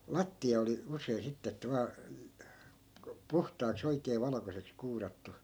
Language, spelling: Finnish, lattia oli usein sitten että vain niin kuin puhtaaksi oikein valkoiseksi kuurattu
- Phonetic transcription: 'latti₍a oli 'usei 'sitte että 'vaa , (niiŋko) "puhtaak's ‿oikee 'valᵃkoseks 'kuurattu .

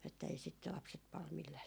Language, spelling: Finnish, että ei sitä lapset paljon millään
- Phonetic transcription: että ei sit 'lapset pal millää ,.

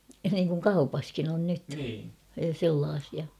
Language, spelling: Finnish, niin kuin kaupassakin on nyt sellaisia
- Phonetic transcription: niiŋkuŋ 'kaupaskin ‿on 'nyt , 'sellaasia .

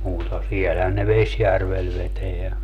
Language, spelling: Finnish, mutta siellähän ne Vesijärvellä vetää
- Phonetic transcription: muuta siɛlhän ne "Vesjärvel 'veteä .

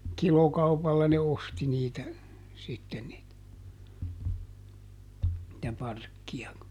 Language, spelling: Finnish, kilokaupalla ne osti niitä sitten niitä niitä parkkeja
- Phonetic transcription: ˈkilokaupalla ne ˈosti niitä , sitten niitä , [nii]tä ˈparkki₍a .

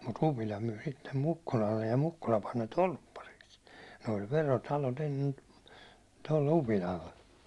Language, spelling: Finnish, mutta Upila myi sitten Mukkulalle ja Mukkula pani ne torppariksi ne oli verotalot ennen tuolle Upilalle
- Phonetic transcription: mut 'Upila myi sittem 'Mukkulallej ja 'Mukkula pan ne "tolppariks , ne oĺ 'verotalot ennen , tolle 'Upilalle .

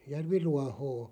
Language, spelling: Finnish, järviruohoa
- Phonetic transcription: järvi'ruahoo .

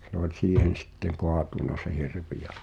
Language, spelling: Finnish, se oli siihen sitten kaatunut se hirvi ja
- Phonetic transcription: se ‿ol 'siihen sitteŋ "koatuna se 'hirv̳̀i ja .

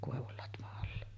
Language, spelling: Finnish, koivun latvan alla
- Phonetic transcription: 'kòevul latva’ ’alla .

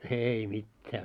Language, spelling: Finnish, ei mitään
- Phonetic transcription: 'eei mittää .

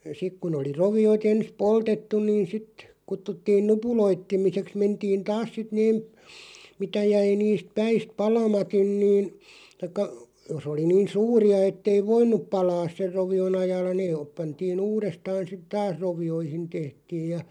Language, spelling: Finnish, sitten kun oli roviot ensin poltettu niin sitten kutsuttiin nupuloitsemiseksi mentiin taas sitten ne mitä jäi niistä päistä palamatta niin tai jos oli niin suuria että ei voinut palaa sen rovion ajalla ne - pantiin uudestaan sitten taas rovioihin tehtiin ja
- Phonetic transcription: 'sik kun ‿oli 'rovi₍o't ‿ens "poltettuⁿ niin̬ 'sit , 'kuttuttiin "nupuloitt(e)miseks 'mentiin "taas sit neeᵐ , 'mitä jäi 'niist 'päist "palamat̀in niin , taⁱkka , 'jos ‿oli 'niin̬ "suuri₍a 'ettei "voin̆nup 'palaas ser 'rovi₍o'n ‿ajaalla nee oop- 'pantii'n ‿uurestaan̬ sit "taas 'rovi₍oihin 'tehtiiʲ ja .

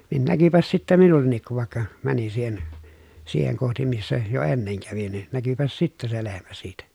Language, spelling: Finnish, niin näkyipäs sitten minullekin kun vaikka menin siihen siihen kohti missä jo ennen kävin niin näkyipäs sitten se lehmä siitä
- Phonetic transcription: nin näkypäs sittä minulleǹik kuv vàekka , mänin siihen , siiheŋ kohti missä , jo enneŋ kävin nin , näkypäs sittä se lehmä siitä .

